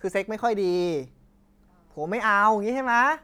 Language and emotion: Thai, angry